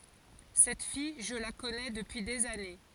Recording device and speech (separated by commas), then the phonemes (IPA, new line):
forehead accelerometer, read sentence
sɛt fij ʒə la kɔnɛ dəpyi dez ane